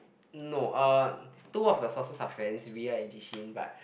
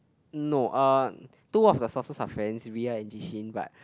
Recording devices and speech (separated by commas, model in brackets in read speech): boundary microphone, close-talking microphone, conversation in the same room